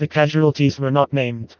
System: TTS, vocoder